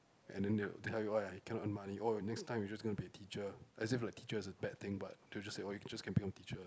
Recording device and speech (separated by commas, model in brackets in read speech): close-talking microphone, conversation in the same room